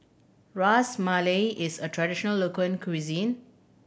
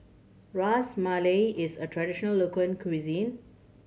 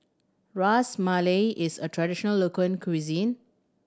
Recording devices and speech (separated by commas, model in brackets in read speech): boundary microphone (BM630), mobile phone (Samsung C7100), standing microphone (AKG C214), read sentence